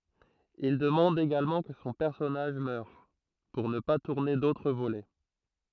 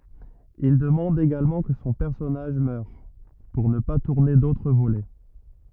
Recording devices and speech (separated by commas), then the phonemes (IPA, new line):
throat microphone, rigid in-ear microphone, read sentence
il dəmɑ̃d eɡalmɑ̃ kə sɔ̃ pɛʁsɔnaʒ mœʁ puʁ nə pa tuʁne dotʁ volɛ